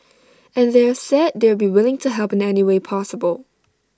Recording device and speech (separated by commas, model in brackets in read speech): standing microphone (AKG C214), read sentence